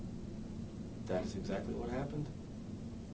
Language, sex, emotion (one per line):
English
male
neutral